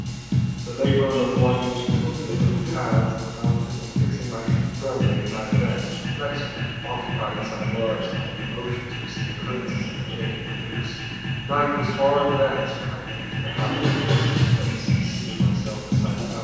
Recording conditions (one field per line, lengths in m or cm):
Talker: one person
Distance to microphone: 7.1 m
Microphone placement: far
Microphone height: 1.7 m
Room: very reverberant, large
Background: music